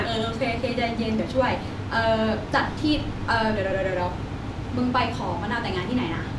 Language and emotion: Thai, happy